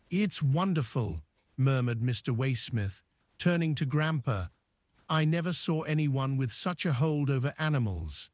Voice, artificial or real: artificial